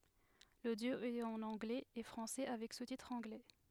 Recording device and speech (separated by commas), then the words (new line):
headset microphone, read sentence
L'audio est en anglais et français avec sous-titres anglais.